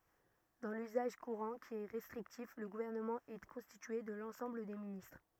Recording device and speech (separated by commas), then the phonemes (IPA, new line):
rigid in-ear microphone, read sentence
dɑ̃ lyzaʒ kuʁɑ̃ ki ɛ ʁɛstʁiktif lə ɡuvɛʁnəmɑ̃ ɛ kɔ̃stitye də lɑ̃sɑ̃bl de ministʁ